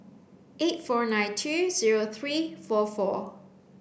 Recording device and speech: boundary microphone (BM630), read sentence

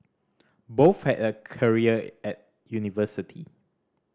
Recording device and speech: standing microphone (AKG C214), read sentence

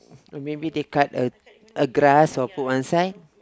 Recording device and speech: close-talking microphone, conversation in the same room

